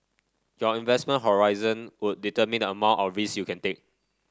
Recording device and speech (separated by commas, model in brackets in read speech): standing microphone (AKG C214), read sentence